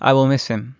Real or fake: real